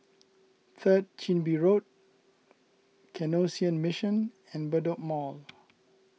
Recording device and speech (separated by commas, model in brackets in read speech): mobile phone (iPhone 6), read sentence